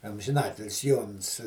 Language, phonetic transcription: Lithuanian, amžinˈatilis ˈjons

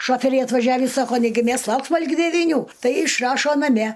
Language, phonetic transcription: Lithuanian, ˈšoferiai atvaˈžiavį ˈsako ˈnegi ˈmes ˈlauksma ligi deviˈnių ˈtai išˈrašo naˈme

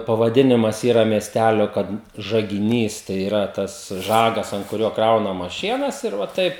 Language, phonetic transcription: Lithuanian, pavaˈdinimas ˈyra miesˈtælio ˈkad žagiˈnys tai yˈra tas ˈžagas ant kuˈrio ˈkraunamas ˈšienas ir va ˈtaip

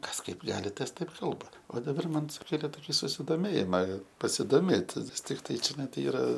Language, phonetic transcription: Lithuanian, ˈkas ˈkaip ˈgali ˈtas ˈtaip ˈkalba o daˈbar ˈman suˈkėlė ˈtoki susidoˈmėjima pasidoˈmėt' nes ˈtiktai čiaˈnai ˈtai ˈyra

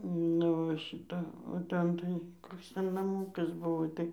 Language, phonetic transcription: Lithuanian, ˈnu va šiˈta o ˈten tai ˈkoks ˈten naˈmūkas ˈbuvo ˈtai

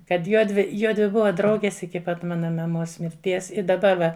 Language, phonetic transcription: Lithuanian, kad ˈjuodvi ˈjuodvi ˈbuva ˈdraugės iki ˈpat ˈmana maˈmos mirˈties i daˈba va

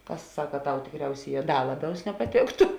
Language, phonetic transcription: Lithuanian, ˈkas ˈsaka ˈtau tikˈriausėˌjē ˈda ˈlaˌbiaus nepaˈtėktu

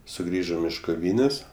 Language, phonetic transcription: Lithuanian, suˈgrįžom iš koˈvynės'

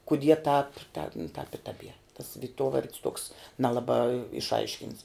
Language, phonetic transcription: Lithuanian, kuˈdie tāp ten tāp i taˈbier tas viˈtuovard's tuoks neˈlabā išˈaiškints

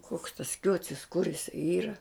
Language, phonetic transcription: Lithuanian, kuoks tas ˈkiuocis kur iˈsai ˈyra

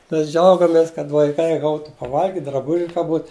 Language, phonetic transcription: Lithuanian, ˈmes ˈdžiaugamės kad vaiˈkai ˈgautu paˈvalgiti draˈbuži ka ˈbūt

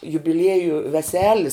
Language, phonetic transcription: Lithuanian, jubiˈlieju veˈselis

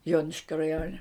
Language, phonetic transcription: Lithuanian, ˈjoniškio raˈjone

